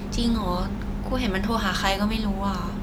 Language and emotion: Thai, frustrated